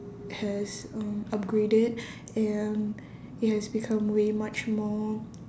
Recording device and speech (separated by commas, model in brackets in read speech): standing microphone, conversation in separate rooms